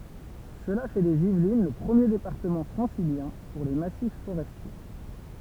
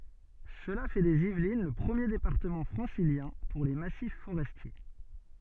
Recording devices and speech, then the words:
temple vibration pickup, soft in-ear microphone, read sentence
Cela fait des Yvelines le premier département francilien pour les massifs forestiers.

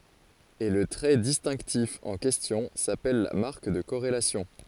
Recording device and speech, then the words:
forehead accelerometer, read sentence
Et le trait distinctif en question s'appelle la marque de corrélation.

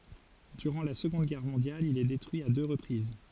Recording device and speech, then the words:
forehead accelerometer, read sentence
Durant la Seconde Guerre mondiale il est détruit à deux reprises.

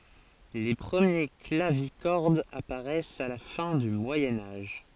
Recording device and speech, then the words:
forehead accelerometer, read sentence
Les premiers clavicordes apparaissent à la fin du Moyen Âge.

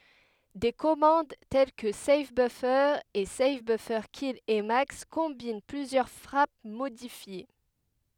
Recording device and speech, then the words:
headset microphone, read sentence
Des commandes telles que save-buffer et save-buffers-kill-emacs combinent plusieurs frappes modifiées.

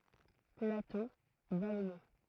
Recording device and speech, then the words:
throat microphone, read sentence
Plateau vallonné.

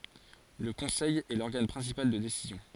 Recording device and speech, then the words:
forehead accelerometer, read sentence
Le Conseil est l'organe principal de décision.

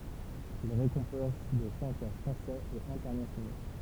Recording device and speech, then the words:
temple vibration pickup, read sentence
Il récompense des chanteurs français et internationaux.

